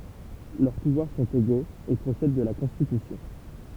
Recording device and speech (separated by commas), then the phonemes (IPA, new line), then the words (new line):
temple vibration pickup, read sentence
lœʁ puvwaʁ sɔ̃t eɡoz e pʁosɛd də la kɔ̃stitysjɔ̃
Leurs pouvoirs sont égaux et procèdent de la Constitution.